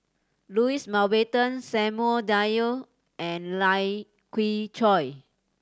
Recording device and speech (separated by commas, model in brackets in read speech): standing microphone (AKG C214), read sentence